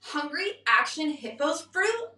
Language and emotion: English, disgusted